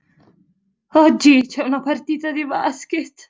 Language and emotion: Italian, fearful